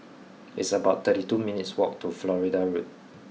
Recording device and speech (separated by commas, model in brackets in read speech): mobile phone (iPhone 6), read sentence